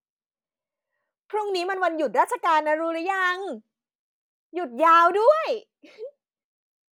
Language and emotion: Thai, happy